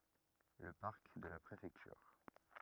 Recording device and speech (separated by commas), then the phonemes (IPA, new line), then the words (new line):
rigid in-ear microphone, read sentence
lə paʁk də la pʁefɛktyʁ
Le parc de la Préfecture.